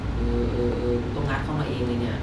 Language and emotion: Thai, frustrated